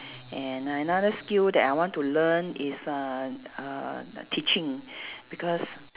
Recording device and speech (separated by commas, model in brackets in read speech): telephone, conversation in separate rooms